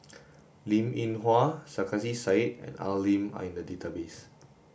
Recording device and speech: boundary microphone (BM630), read sentence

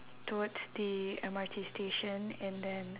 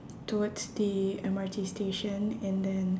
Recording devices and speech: telephone, standing microphone, conversation in separate rooms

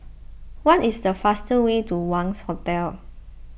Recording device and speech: boundary microphone (BM630), read sentence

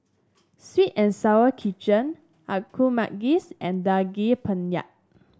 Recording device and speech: standing microphone (AKG C214), read sentence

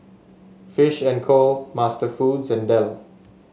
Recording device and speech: mobile phone (Samsung S8), read sentence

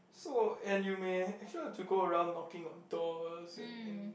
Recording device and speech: boundary microphone, conversation in the same room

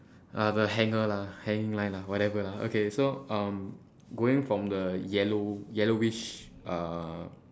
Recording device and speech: standing microphone, conversation in separate rooms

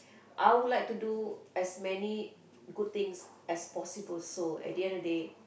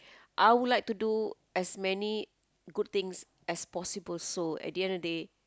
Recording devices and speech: boundary microphone, close-talking microphone, conversation in the same room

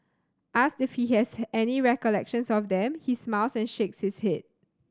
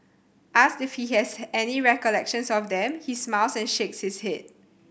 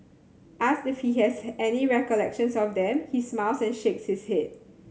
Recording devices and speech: standing microphone (AKG C214), boundary microphone (BM630), mobile phone (Samsung C7100), read sentence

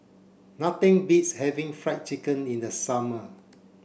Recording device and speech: boundary microphone (BM630), read sentence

